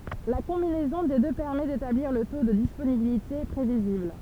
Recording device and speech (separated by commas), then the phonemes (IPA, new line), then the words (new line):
temple vibration pickup, read sentence
la kɔ̃binɛzɔ̃ de dø pɛʁmɛ detabliʁ lə to də disponibilite pʁevizibl
La combinaison des deux permet d'établir le taux de disponibilité prévisible.